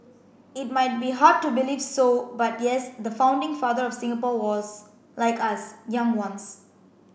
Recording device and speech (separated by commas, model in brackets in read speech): boundary microphone (BM630), read sentence